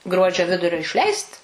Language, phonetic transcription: Lithuanian, ˈgruodžio ˈvidurio išˈleist

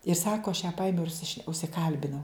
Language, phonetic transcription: Lithuanian, ir ˈsako aš ją ˈpaimiau ir užsiˈšne užsiˈkalbinau

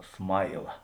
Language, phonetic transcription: Lithuanian, ˈsmaila

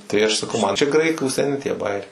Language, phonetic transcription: Lithuanian, tai aš saˈkau man čia ˈgraikų seˈni tie ˈbajeriai

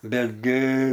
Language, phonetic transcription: Lithuanian, ˈbetgi

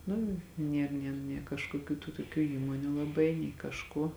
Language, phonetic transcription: Lithuanian, ˈnu ˈnėr nė nė kažkoˈkių tų toˈkių ˈįmonių laˈbai nei kažˈko

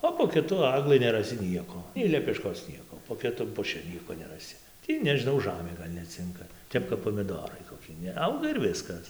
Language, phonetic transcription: Lithuanian, o po kiˈtu ˈaglɨ neraˈsi ˈnieko nei lepeˈškos ˈnieko po kiˈtum puˈši ˈnieko neraˈsi ˈtį nežiˈnau ˈžamė ˈgal' neˈcinka ˈtep kap pomiˈdorai koˈki neˈauga ir ˈviskas

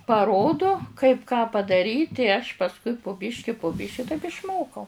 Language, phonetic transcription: Lithuanian, paˈrodo kaip ką padaˈryt' i aš pasˈkui pu ˈbiški pu ˈbiši taip išˈmokau

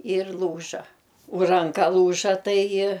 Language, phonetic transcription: Lithuanian, ir ˈlūža u ranˈka ˈlūža ˈtai

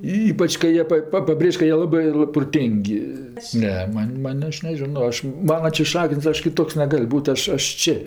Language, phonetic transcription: Lithuanian, ˈypač kai ˈjie pa ˈpa paˈbrėž' ka ˈjie ˈlabɜ proˈtėng' ˈne ˈman' ˈman' ˈaš neˈžino ˈaš ˈmana čia ˈšakin's' ˈaš kiˈtoks neˈgal' ˈbūt' ˈaš ˈaš ˈči

